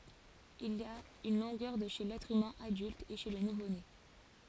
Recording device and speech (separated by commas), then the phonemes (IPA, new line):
forehead accelerometer, read sentence
il a yn lɔ̃ɡœʁ də ʃe lɛtʁ ymɛ̃ adylt e ʃe lə nuvone